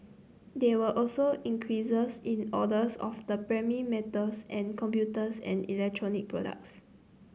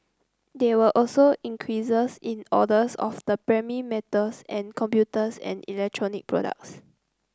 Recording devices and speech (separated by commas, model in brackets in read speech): mobile phone (Samsung C9), close-talking microphone (WH30), read sentence